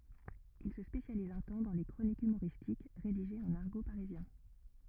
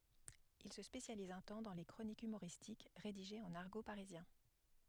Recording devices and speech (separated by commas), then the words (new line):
rigid in-ear microphone, headset microphone, read sentence
Il se spécialise un temps dans les chroniques humoristiques rédigées en argot parisien.